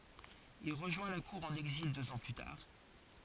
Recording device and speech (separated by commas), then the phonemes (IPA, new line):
forehead accelerometer, read sentence
il ʁəʒwɛ̃ la kuʁ ɑ̃n ɛɡzil døz ɑ̃ ply taʁ